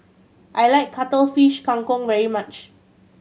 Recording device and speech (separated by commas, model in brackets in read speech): mobile phone (Samsung C7100), read sentence